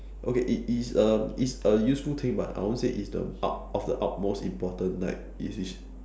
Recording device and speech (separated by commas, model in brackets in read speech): standing microphone, conversation in separate rooms